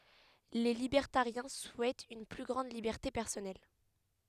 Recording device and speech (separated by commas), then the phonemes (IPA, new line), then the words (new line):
headset microphone, read sentence
le libɛʁtaʁjɛ̃ suɛtt yn ply ɡʁɑ̃d libɛʁte pɛʁsɔnɛl
Les libertariens souhaitent une plus grande liberté personnelle.